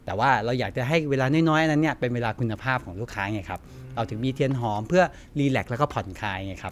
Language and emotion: Thai, neutral